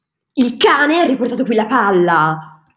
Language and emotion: Italian, angry